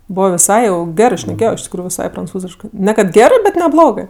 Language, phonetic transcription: Lithuanian, ˈbovo viˈsai jau ˈgerɜ šneˈkėjo iš tikˈrųju viˈsai pranˈcūziškɜ ne kad ˈgerɜ bet neˈblogɜ

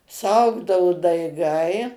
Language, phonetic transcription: Lithuanian, suˈaugdau daiˈgai

